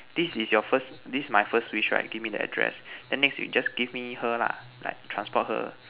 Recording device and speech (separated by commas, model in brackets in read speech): telephone, conversation in separate rooms